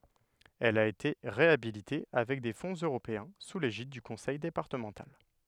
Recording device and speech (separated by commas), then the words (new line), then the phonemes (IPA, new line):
headset microphone, read sentence
Elle a été réhabilitée avec des fonds européens sous l'égide du conseil départemental.
ɛl a ete ʁeabilite avɛk de fɔ̃z øʁopeɛ̃ su leʒid dy kɔ̃sɛj depaʁtəmɑ̃tal